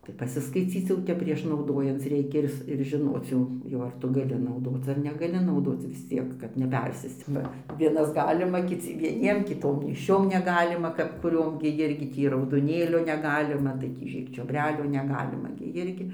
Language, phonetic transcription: Lithuanian, ˈtai pasiskaiˈcyc jau ˈtep prieš nauˈdojanc ˈreikia ˈir s ir žiˈnoc jau ˈjau ar ˈtu gaˈli nauˈdoc ar negaˈli nauˈdoc vis ˈciek kad neˈpersėsc ˈba ˈvienas ˈgalima kiˈci vieˈniem kiˈtom nėšˈčiom neˈgalima kap kuˈriom gi ˈjirgi ˈtį raudoˈnėlio neˈgalima tai ˈtį ir čiobˈrelių neˈgalima gi ˈjirgi

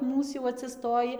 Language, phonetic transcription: Lithuanian, ˈmūs jau atsiˈstoji

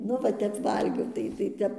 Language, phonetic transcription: Lithuanian, ˈnu va ˈtep ˈvalgiau ˈtai tai ˈtep

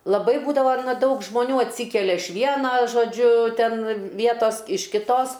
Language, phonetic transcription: Lithuanian, laˈbai ˈbūdava ˈdaug žmoˈnių atˈsykelia iš ˈviena žoˈdžiu ˈten ˈvietos iš kiˈtos

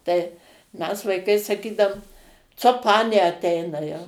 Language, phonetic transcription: Lithuanian, tai ˈmes vaiˈkai saˈkydaum ˈco ˈpanė aˈt eina jau

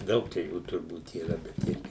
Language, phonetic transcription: Lithuanian, ˈdaug čia ˈjų turˈbūt yˈra bet ˈirgi

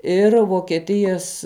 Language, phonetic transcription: Lithuanian, ˈir vokeˈtijas

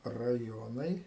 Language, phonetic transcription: Lithuanian, raˈjonai

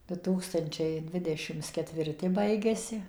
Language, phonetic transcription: Lithuanian, du ˈtūkstančiai ˈdvidešims ketvirˈti ˈbaigiasi

